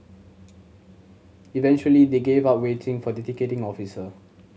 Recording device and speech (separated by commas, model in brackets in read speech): mobile phone (Samsung C7100), read sentence